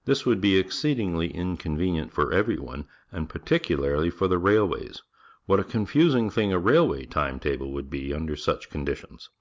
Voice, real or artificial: real